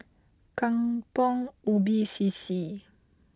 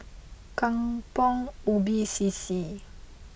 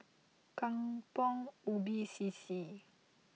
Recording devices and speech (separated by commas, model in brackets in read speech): close-talking microphone (WH20), boundary microphone (BM630), mobile phone (iPhone 6), read sentence